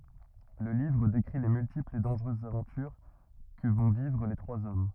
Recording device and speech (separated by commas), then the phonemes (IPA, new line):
rigid in-ear microphone, read sentence
lə livʁ dekʁi le myltiplz e dɑ̃ʒʁøzz avɑ̃tyʁ kə vɔ̃ vivʁ le tʁwaz ɔm